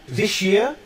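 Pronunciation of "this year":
In 'this year', coalescent assimilation occurs: the s and the y sound merge into a single sh sound between the two words.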